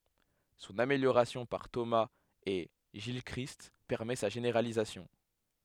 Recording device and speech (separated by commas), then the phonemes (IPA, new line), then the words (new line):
headset microphone, read sentence
sɔ̃n ameljoʁasjɔ̃ paʁ tomaz e ʒilkʁist pɛʁmɛ sa ʒeneʁalizasjɔ̃
Son amélioration par Thomas et Gilchrist permet sa généralisation.